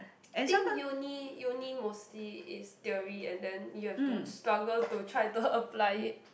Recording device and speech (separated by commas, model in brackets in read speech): boundary microphone, conversation in the same room